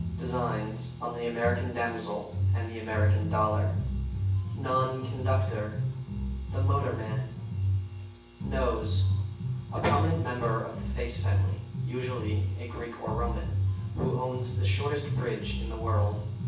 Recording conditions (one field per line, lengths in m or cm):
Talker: one person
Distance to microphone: 9.8 m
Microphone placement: far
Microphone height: 1.8 m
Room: large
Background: music